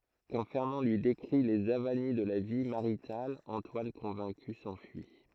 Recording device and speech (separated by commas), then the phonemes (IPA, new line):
throat microphone, read sentence
kɑ̃ fɛʁnɑ̃ lyi dekʁi lez avani də la vi maʁital ɑ̃twan kɔ̃vɛ̃ky sɑ̃fyi